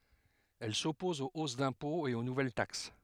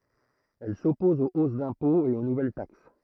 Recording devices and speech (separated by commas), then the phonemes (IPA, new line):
headset microphone, throat microphone, read sentence
ɛl sɔpɔz o os dɛ̃pɔ̃z e o nuvɛl taks